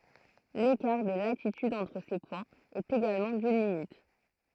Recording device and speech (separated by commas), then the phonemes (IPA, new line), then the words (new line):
throat microphone, read sentence
lekaʁ də latityd ɑ̃tʁ se pwɛ̃z ɛt eɡalmɑ̃ dyn minyt
L'écart de latitude entre ces points est également d'une minute.